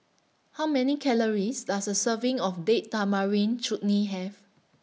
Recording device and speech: mobile phone (iPhone 6), read sentence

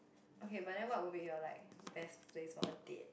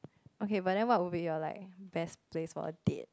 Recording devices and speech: boundary microphone, close-talking microphone, conversation in the same room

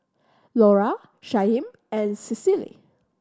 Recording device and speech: standing microphone (AKG C214), read sentence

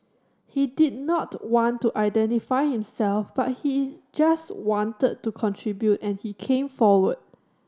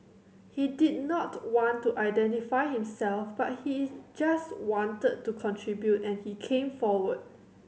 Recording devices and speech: standing microphone (AKG C214), mobile phone (Samsung C7100), read sentence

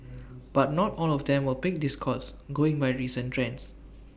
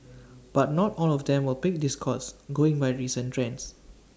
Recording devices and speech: boundary microphone (BM630), standing microphone (AKG C214), read sentence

